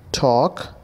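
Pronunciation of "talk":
'talk' is pronounced correctly here.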